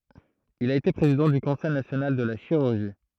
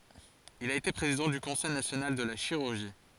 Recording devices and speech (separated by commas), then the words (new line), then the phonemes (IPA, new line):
throat microphone, forehead accelerometer, read sentence
Il a été président du Conseil national de la chirurgie.
il a ete pʁezidɑ̃ dy kɔ̃sɛj nasjonal də la ʃiʁyʁʒi